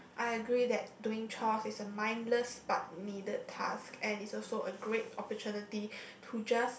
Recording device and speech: boundary microphone, conversation in the same room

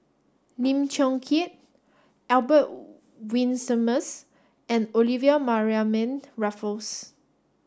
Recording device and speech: standing microphone (AKG C214), read sentence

